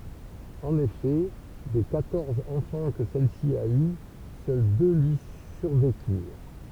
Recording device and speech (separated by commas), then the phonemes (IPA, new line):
temple vibration pickup, read sentence
ɑ̃n efɛ de kwatɔʁz ɑ̃fɑ̃ kə sɛlsi a y sœl dø lyi syʁvekyʁ